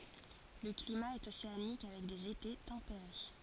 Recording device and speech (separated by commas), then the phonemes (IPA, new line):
forehead accelerometer, read sentence
lə klima ɛt oseanik avɛk dez ete tɑ̃peʁe